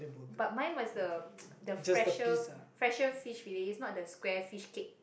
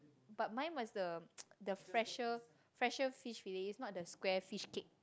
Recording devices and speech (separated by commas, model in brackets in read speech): boundary microphone, close-talking microphone, conversation in the same room